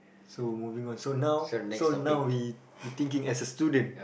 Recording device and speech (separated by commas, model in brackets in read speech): boundary microphone, conversation in the same room